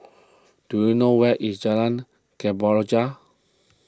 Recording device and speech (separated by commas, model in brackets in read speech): close-talking microphone (WH20), read sentence